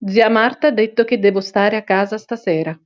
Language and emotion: Italian, neutral